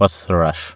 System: none